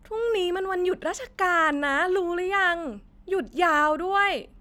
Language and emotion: Thai, happy